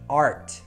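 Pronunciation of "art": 'Art' is said with a rhotic American English accent.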